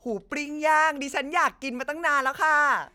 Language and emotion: Thai, happy